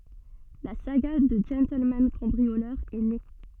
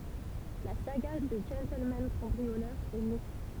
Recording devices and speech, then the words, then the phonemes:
soft in-ear microphone, temple vibration pickup, read sentence
La saga du gentleman-cambrioleur est née.
la saɡa dy ʒɑ̃tlmɑ̃ kɑ̃bʁiolœʁ ɛ ne

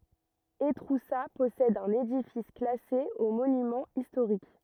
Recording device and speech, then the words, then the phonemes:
rigid in-ear microphone, read sentence
Étroussat possède un édifice classé aux monuments historiques.
etʁusa pɔsɛd œ̃n edifis klase o monymɑ̃z istoʁik

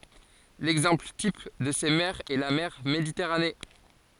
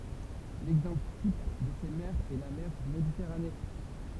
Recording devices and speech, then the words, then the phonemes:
forehead accelerometer, temple vibration pickup, read sentence
L'exemple type de ces mers est la mer Méditerranée.
lɛɡzɑ̃pl tip də se mɛʁz ɛ la mɛʁ meditɛʁane

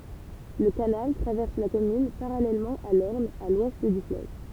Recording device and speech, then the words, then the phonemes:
temple vibration pickup, read sentence
Le canal traverse la commune parallèlement à l'Orne, à l'ouest du fleuve.
lə kanal tʁavɛʁs la kɔmyn paʁalɛlmɑ̃ a lɔʁn a lwɛst dy fløv

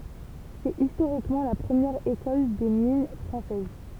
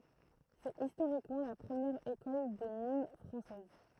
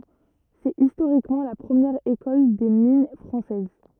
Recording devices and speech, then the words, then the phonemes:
temple vibration pickup, throat microphone, rigid in-ear microphone, read sentence
C'est historiquement la première École des mines française.
sɛt istoʁikmɑ̃ la pʁəmjɛʁ ekɔl de min fʁɑ̃sɛz

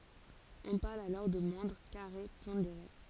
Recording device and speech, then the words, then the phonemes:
forehead accelerometer, read sentence
On parle alors de moindres carrés pondérés.
ɔ̃ paʁl alɔʁ də mwɛ̃dʁ kaʁe pɔ̃deʁe

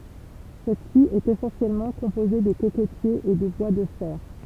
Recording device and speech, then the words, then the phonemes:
temple vibration pickup, read sentence
Cette-ci est essentiellement composée de cocotiers et de bois de fer.
sɛtsi ɛt esɑ̃sjɛlmɑ̃ kɔ̃poze də kokotjez e də bwa də fɛʁ

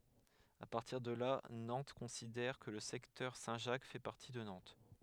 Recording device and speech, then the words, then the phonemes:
headset microphone, read sentence
À partir de là, Nantes considère que le secteur Saint-Jacques fait partie de Nantes.
a paʁtiʁ də la nɑ̃t kɔ̃sidɛʁ kə lə sɛktœʁ sɛ̃tʒak fɛ paʁti də nɑ̃t

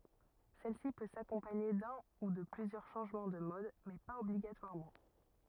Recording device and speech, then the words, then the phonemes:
rigid in-ear microphone, read sentence
Celle-ci peut s'accompagner d'un ou de plusieurs changement de mode mais pas obligatoirement.
sɛlsi pø sakɔ̃paɲe dœ̃ u də plyzjœʁ ʃɑ̃ʒmɑ̃ də mɔd mɛ paz ɔbliɡatwaʁmɑ̃

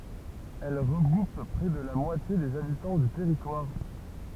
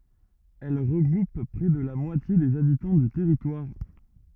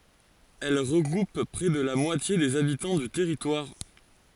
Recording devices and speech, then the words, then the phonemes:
temple vibration pickup, rigid in-ear microphone, forehead accelerometer, read sentence
Elle regroupe près de la moitié des habitants du territoire.
ɛl ʁəɡʁup pʁɛ də la mwatje dez abitɑ̃ dy tɛʁitwaʁ

